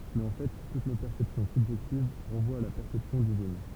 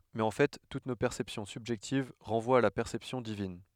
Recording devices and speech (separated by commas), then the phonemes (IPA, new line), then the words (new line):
temple vibration pickup, headset microphone, read sentence
mɛz ɑ̃ fɛ tut no pɛʁsɛpsjɔ̃ sybʒɛktiv ʁɑ̃vwat a la pɛʁsɛpsjɔ̃ divin
Mais en fait toutes nos perceptions subjectives renvoient à la perception divine.